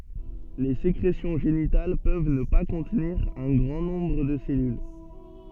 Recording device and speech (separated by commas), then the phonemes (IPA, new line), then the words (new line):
soft in-ear microphone, read sentence
le sekʁesjɔ̃ ʒenital pøv nə pa kɔ̃tniʁ œ̃ ɡʁɑ̃ nɔ̃bʁ də se sɛlyl
Les sécrétions génitales peuvent ne pas contenir un grand nombre de ces cellules.